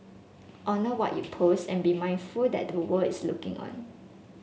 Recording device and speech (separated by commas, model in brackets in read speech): mobile phone (Samsung S8), read sentence